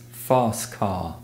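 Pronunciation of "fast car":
In 'fast car', the t sound at the end of 'fast' is dropped.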